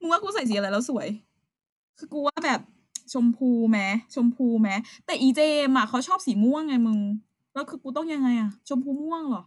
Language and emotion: Thai, frustrated